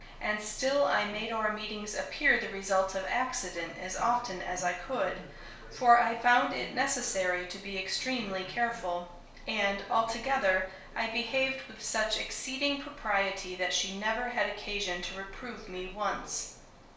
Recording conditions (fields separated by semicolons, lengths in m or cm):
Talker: one person; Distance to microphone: 1.0 m; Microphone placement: close; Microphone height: 1.1 m; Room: small (3.7 m by 2.7 m); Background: television